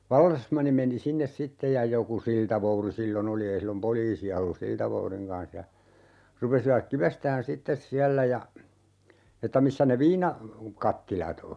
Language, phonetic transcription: Finnish, 'vallesmanni meni "sinnes 'sittej ja 'joku "siltavouri 'sillo"n ‿oli 'ei sillom "poliisi₍a ollus 'siltavouriŋ kan̬s ja , 'rupesivak 'kivestään "sittes 'siällä ja , että 'missä ne "viina- , '-kattilat ‿o .
- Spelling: vallesmanni meni sinne sitten ja joku siltavouti silloin oli ei silloin poliisia ollut siltavoudin kanssa ja rupesivat kivestämään sitten siellä ja että missä ne - viinakattilat on

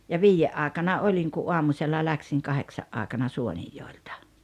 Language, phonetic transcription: Finnish, ja "viijje’ ’aaeᵉkana "oĺiŋ ku "’uamuśella "läksiŋ 'kaheksa’ ’aaᵉkana "Suonijjòeltᴀ .
- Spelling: ja viiden aikana olin kun aamusella lähdin kahdeksan aikana Suonenjoelta

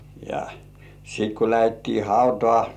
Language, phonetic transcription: Finnish, ja , sit ku 'lähettii "hautŏà - - .
- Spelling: ja sitten kun lähdettiin hautaa

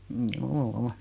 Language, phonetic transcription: Finnish, mjuu₍"u .
- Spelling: juu

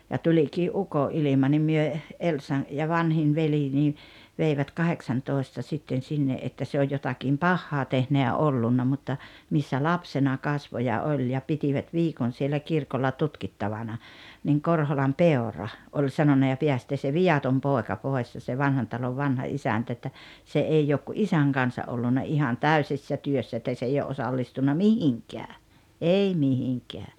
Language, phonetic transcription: Finnish, ja 'tuĺikii’ "uko’’ilima nim 'myö , "Elsan̬ ja 'vanhin̳ veli nii , veivät "kaheksantòesta sitten 'sinne’ ’että 'se oj jotakim "pahhaa tehnä ja 'ollunna mutta , missä "lapsena "kasvo ja "oĺ ja 'pitivät "viikon siellä 'kirkolla "tutkittavana , niiŋ 'Korholam "Peora , oĺ 'sanona » ja 'peästee se "viʲatom 'pòeka "pòes « ja se 'Vanhan Talov 'vanha "isäntä että , » 'se "èi ook ku "’isäŋ 'kansa ’ollunna 'ihan "täysissä "työssä että 's ‿ei o’ '’osallistunna "mihiŋkää , 'ei 'mihiŋkɛä « .
- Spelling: ja tulikin ukonilma niin me Elsan ja vanhin veli niin veivät kahdeksantoista sitten sinne että se on jotakin pahaa tehnyt ja ollut mutta missä lapsena kasvoi ja oli ja pitivät viikon siellä kirkolla tutkittavana niin Korholan Peura oli sanonut ja päästää se viaton poika pois ja se Vanhan Talon vanha isäntä että se ei ole kuin isän kanssa ollut ihan täysissä työssä että se ei ole osallistunut mihinkään ei mihinkään

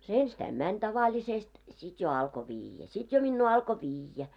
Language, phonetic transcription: Finnish, se 'enstäim 'mäń tavaĺisest , 'sit jo alko 'viijjä , sit jo minnu 'alko "vijjä .
- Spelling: se ensistään meni tavallisesti sitten jo alkoi viedä sitten jo minua alkoi viedä

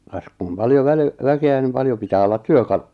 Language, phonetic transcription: Finnish, kas kum "paljo väli- , 'väke₍ä nim 'paljo pitää ollat "työ'kalu- .
- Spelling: kas kun paljon - väkeä niin paljon pitää olla työkaluja

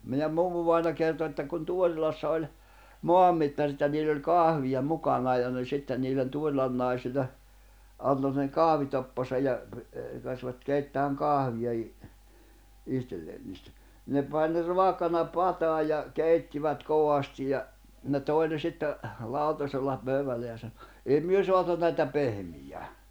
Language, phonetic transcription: Finnish, meiʲäm 'mummuvàina kerto että kun 'Tuorilassa oĺ , "moammittarit ja niill ‿oĺ "kahvija 'mukanaaj ja ne 'sitten niillen 'Tuorilan nàisille , 'anto seŋ 'kahvitoppasa ja , (ne) , käskvät 'keittääŋ 'kahviʲa i- , 'ihtelleen niistä , ni ne pań ne "roakana "pataaj̆ ja , "kèittivät 'kovastij̆ ja , ne "tòi ne sitte , 'làutasella , 'pöyvälle ja saɴᴏ , » 'ei 'myö 'soatu näitä 'pehmij̀ää .
- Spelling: meidän mummuvainaja kertoi että kun Tuorilassa oli maanmittarit ja niillä oli kahvia mukanaan ja ne sitten niille Tuorilan naisille antoi sen kahvitoppansa ja ne käskivät keittämään kahvia - itselleen niistä niin ne pani ne raakana pataan ja keittivät kovasti ja ne toi ne sitten lautasella pöydälle ja sanoi ei me saatu näitä pehmiämään

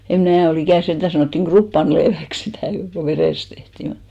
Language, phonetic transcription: Finnish, em 'mnää o'l ‿ikä̀n 'senᴅä sanòttiŋ "ɢruppanleeväks 'sitä̀ , ko "verèst 'tehtì mut .
- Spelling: en minä ole ikinä sentään sanottiin kruppanaleiväksi sitä kun verestä tehtiin mutta

